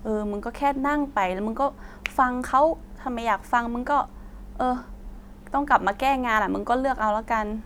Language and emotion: Thai, frustrated